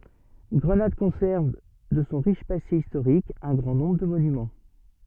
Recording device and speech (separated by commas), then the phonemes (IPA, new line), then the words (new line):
soft in-ear microphone, read sentence
ɡʁənad kɔ̃sɛʁv də sɔ̃ ʁiʃ pase istoʁik œ̃ ɡʁɑ̃ nɔ̃bʁ də monymɑ̃
Grenade conserve de son riche passé historique un grand nombre de monuments.